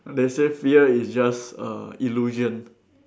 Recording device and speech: standing microphone, conversation in separate rooms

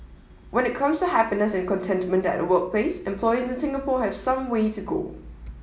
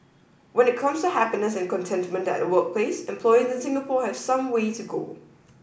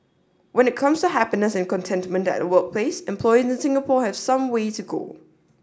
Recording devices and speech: mobile phone (iPhone 7), boundary microphone (BM630), standing microphone (AKG C214), read sentence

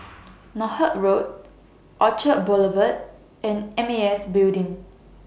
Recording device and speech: boundary microphone (BM630), read sentence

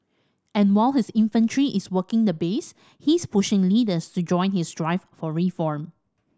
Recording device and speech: standing microphone (AKG C214), read sentence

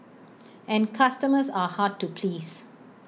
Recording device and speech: mobile phone (iPhone 6), read sentence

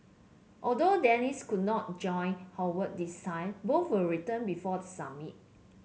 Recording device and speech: mobile phone (Samsung C7), read sentence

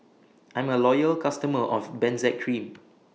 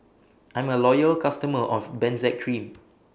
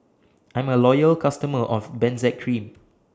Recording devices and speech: mobile phone (iPhone 6), boundary microphone (BM630), standing microphone (AKG C214), read sentence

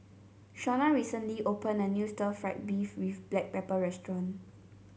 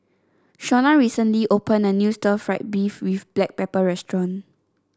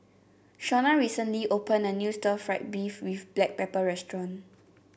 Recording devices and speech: mobile phone (Samsung C7), standing microphone (AKG C214), boundary microphone (BM630), read sentence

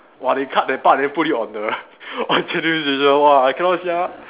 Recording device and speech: telephone, conversation in separate rooms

